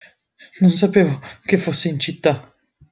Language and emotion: Italian, fearful